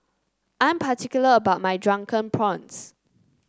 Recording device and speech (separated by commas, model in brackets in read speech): close-talking microphone (WH30), read sentence